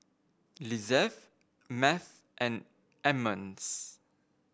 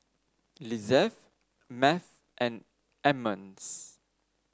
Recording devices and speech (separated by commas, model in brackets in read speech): boundary microphone (BM630), standing microphone (AKG C214), read sentence